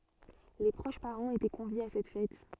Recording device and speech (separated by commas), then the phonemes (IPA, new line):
soft in-ear microphone, read sentence
le pʁoʃ paʁɑ̃z etɛ kɔ̃vjez a sɛt fɛt